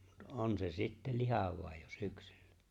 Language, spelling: Finnish, mutta on se sitten lihava jo syksyllä
- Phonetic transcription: mut '’on se 'sitte "lihav̀àej jo 'syksyl̆lᴀ̈ .

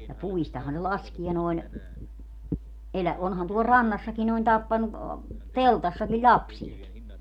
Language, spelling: Finnish, ja puistahan ne laskee noin - onhan tuolla rannassakin noin tappanut teltassakin lapsiakin
- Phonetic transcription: ja 'puistaha ne "laskie noi̮n , elä- , onhan tuol "rannassaki noin 'tappanu , "teltassaki "ĺapsieki .

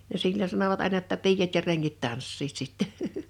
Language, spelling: Finnish, ja silloin sanoivat aina jotta piiat ja rengit tanssivat sitten
- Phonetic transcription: ja 'sil͕l͕oń sanovat àena ‿tta 'piijat ja 'reŋŋit 'tanssiit sitte .

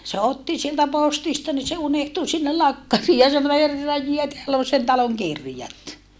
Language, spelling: Finnish, se otti sieltä postista niin se unohtui sinne lakkariin ja sanoi herran jee täällä on sen talon kirjat
- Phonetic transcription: se otti sieltä postista ni se unehtu sinnel lakkarii ja sano » herraj jie teäll ‿on sen taloŋ kirjat !

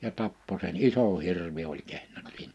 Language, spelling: Finnish, ja tappoi sen iso hirvi oli kehno siinä
- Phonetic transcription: ja 'tappo sen "isò 'hirvi oĺ 'kehno (siinä) .

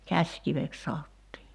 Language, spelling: Finnish, käsikiveksi sanottiin
- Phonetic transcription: "käśkivek 'saottii .

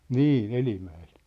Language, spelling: Finnish, niin Elimäeltä
- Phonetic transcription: nii , "Elimä₍elt .

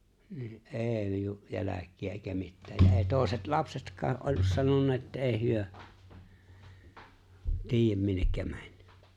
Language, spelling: Finnish, niin ei jälkiä eikä mitään ja ei toiset lapsetkaan ollut sanonut että ei he tiedä minne meni
- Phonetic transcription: nii "’e̬e̬ⁱ ju"jäläk̀iä èikä 'mittää ja 'èi̬ 'tòeset "lapsetk̀aa ’ollus 'sanonna että 'èi̬ 'hyö , 'tiij̆jäm minnekkä 'ᴍᴀ̈ɴ́ .

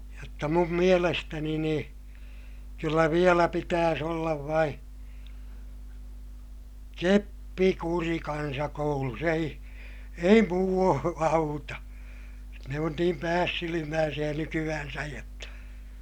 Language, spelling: Finnish, jotta minun mielestäni niin kyllä vielä pitäisi olla vain keppikuri kansakoulussa ei ei muu auta ne on niin päässilmäisiä nykyään jotta
- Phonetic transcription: jotta mum mielestäni nii , kyllä vielä pitääs ‿ollav vain̬ , keppikuri kansakoulus ‿ei , ei muu auta , ne on niim päässilimääsiʲä nyky₍äänsäj jotta ,.

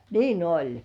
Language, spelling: Finnish, niin oli
- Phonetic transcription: niin ‿'oĺ !

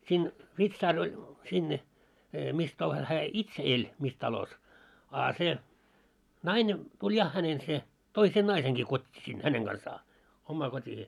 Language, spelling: Finnish, siinä vitsaari oli sinne missä talossa hän itse eli missä talossa a se nainen tuli ja hänen se toi sen naisenkin kotiin sinne hänen kanssaan omaan kotiinsa
- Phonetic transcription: siin , 'vitsaar oĺ , sinne , 'mis talos hää "itse 'eĺ , 'mis talos , a se , 'naine , tuĺ 'ja hänen se , 'toi sen 'naiseŋɢi 'kot́t́ii sin "häneŋ 'ɢansaa , ommaa 'kot́ihee .

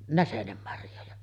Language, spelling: Finnish, näsenenmarjoja
- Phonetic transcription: "näsenemmarjoja .

